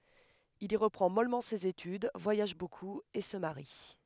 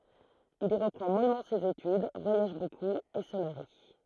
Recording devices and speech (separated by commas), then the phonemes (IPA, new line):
headset microphone, throat microphone, read sentence
il i ʁəpʁɑ̃ mɔlmɑ̃ sez etyd vwajaʒ bokup e sə maʁi